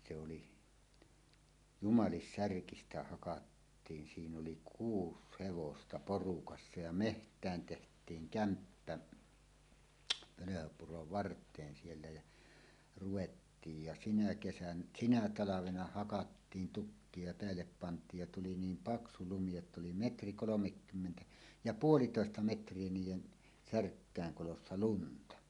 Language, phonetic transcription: Finnish, se oli , "Jumalissärkistä 'hakattiin 'siin ‿oli 'kuus hevosta "porukassa ja "meht̀ään teht̀iiŋ "kämppä , "Pölöhöpurov 'vart̀een siellä jä , 'ruwettiij ja 'sinä kesän- "sinä "talavena hakattiin 'tukkie ja peällep pant̀iij ja tuli 'niim "paksu 'lumi jott ‿oli "metri 'kolomekkymmentä ja "puolitòesta 'metr̀ie 'niij̆jen , "särkkä̀eŋ 'kolossa "lunta .
- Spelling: se oli Jumalissärkistä hakattiin siinä oli kuusi hevosta porukassa ja metsään tehtiin kämppä Pölhönpuron varteen siellä ja ruvettiin ja siinä - sinä talvena hakattiin tukkeja ja päälle pantiin ja tuli niin paksu lumi jotta oli metri kolmekymmentä ja puolitoista metriä niiden särkkien kolossa lunta

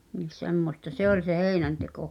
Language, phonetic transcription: Finnish, nis̳ semmosta "se ‿ol se "hèi̬nänteko .
- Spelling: niin semmoista se oli se heinänteko

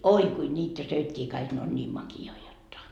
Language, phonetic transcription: Finnish, "oi kui 'ńiitä 'söikkii kaik ne on ńiim maki₍oi jotta .
- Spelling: oi kuinka niitä söikin kaikki ne on niin makeita jotta

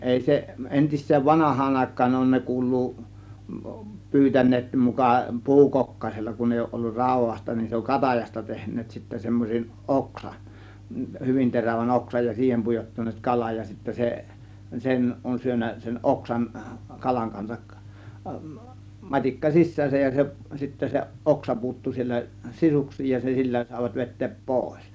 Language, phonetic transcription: Finnish, 'èi 'se , 'ˀentis̆seen "vanah̀aan 'àėk̆kaan 'on ne 'kuul̆luu , 'pyytän̆neet muka , "pu̬ukokkaⁱsella kun èi òŭˀ ˀollur 'ràu̬vasta nin se oŋ "katajasta 'tehǹeet sittä semmoseˀ "ˀoksan , "hyvin 'terävän 'oksaj ja "siihem pujottan̆neet 'kalaj ja sittä 'se , 'sen on syönnä sen 'ˀoksan , 'kalaŋ kansak , 'mat͕ikka "sis̆sääsäj ja se , sittä 'se , "ˀoksa puuttu siellä , 'sisuks̆siij ja se 'sillä sàėvat 've̬t̆teep "pòės .
- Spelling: ei se entiseen vanhaan aikaan on ne kuuluu pyytäneet muka puukokkasella kun ei ole ollut raudasta niin se on katajasta tehneet sitten semmoisen oksan hyvin terävän oksan ja siihen pujottaneet kalan ja sitten se sen on syönyt sen oksan kalan kanssa matikka sisäänsä ja se sitten se oksa puuttui siellä sisuksiin ja se sillä saivat vetää pois

